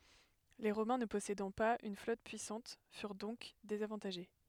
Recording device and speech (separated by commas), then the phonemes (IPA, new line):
headset microphone, read sentence
le ʁomɛ̃ nə pɔsedɑ̃ paz yn flɔt pyisɑ̃t fyʁ dɔ̃k dezavɑ̃taʒe